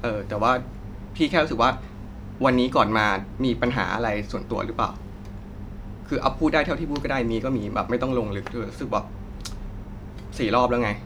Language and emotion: Thai, frustrated